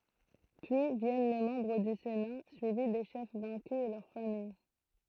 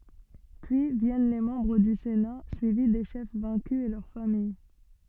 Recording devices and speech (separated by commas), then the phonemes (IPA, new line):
throat microphone, soft in-ear microphone, read sentence
pyi vjɛn le mɑ̃bʁ dy sena syivi de ʃɛf vɛ̃ky e lœʁ famij